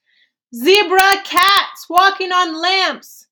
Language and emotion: English, fearful